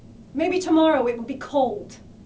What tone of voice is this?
angry